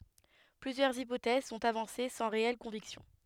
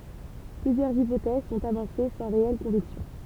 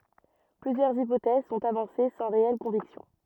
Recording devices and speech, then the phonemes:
headset microphone, temple vibration pickup, rigid in-ear microphone, read sentence
plyzjœʁz ipotɛz sɔ̃t avɑ̃se sɑ̃ ʁeɛl kɔ̃viksjɔ̃

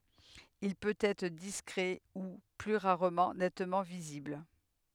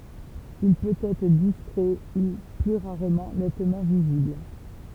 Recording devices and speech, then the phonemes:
headset microphone, temple vibration pickup, read sentence
il pøt ɛtʁ diskʁɛ u ply ʁaʁmɑ̃ nɛtmɑ̃ vizibl

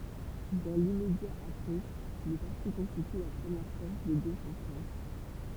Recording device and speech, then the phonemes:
temple vibration pickup, read sentence
dɑ̃ limmedja apʁɛ lə paʁti kɔ̃stity la pʁəmjɛʁ fɔʁs də ɡoʃ ɑ̃ fʁɑ̃s

